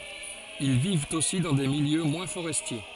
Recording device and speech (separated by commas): forehead accelerometer, read sentence